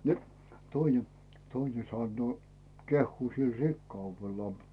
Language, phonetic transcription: Finnish, ni , toine , "toine 'sannoo , 'kehhuu sil "rikkauvellaa .
- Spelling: niin toinen toinen sanoo kehuu sillä rikkaudellaan

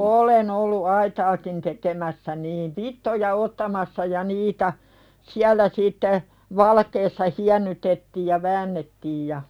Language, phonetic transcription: Finnish, olen ‿ollu 'aitaakin tekemässä niin , "vittoja ottamassa ja 'niitä , "siäl̆lä sitte , "valakeessa 'hiännytettiij ja 'väännettiij ja ,.
- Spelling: olen ollut aitaakin tekemässä niin vitsoja ottamassa ja niitä siellä sitten valkeassa hiennytettiin ja väännettiin ja

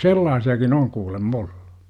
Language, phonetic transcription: Finnish, sellaasi₍akin oŋ 'kuulem"m ‿oLLU .
- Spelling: sellaisiakin on kuulemma ollut

